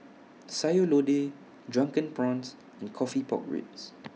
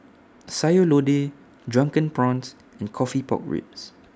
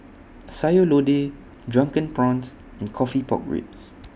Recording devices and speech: mobile phone (iPhone 6), standing microphone (AKG C214), boundary microphone (BM630), read sentence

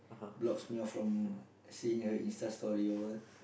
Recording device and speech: boundary microphone, conversation in the same room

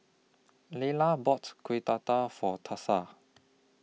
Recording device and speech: mobile phone (iPhone 6), read sentence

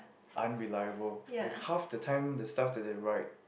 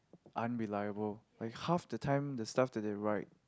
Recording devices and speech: boundary microphone, close-talking microphone, conversation in the same room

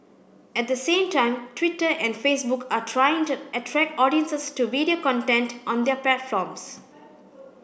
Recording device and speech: boundary microphone (BM630), read sentence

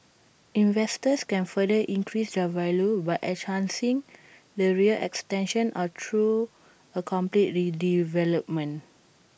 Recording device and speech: boundary microphone (BM630), read sentence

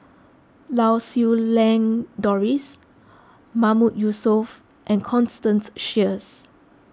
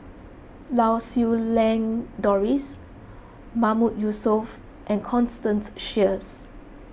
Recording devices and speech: close-talking microphone (WH20), boundary microphone (BM630), read sentence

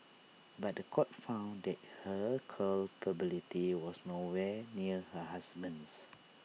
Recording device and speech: mobile phone (iPhone 6), read sentence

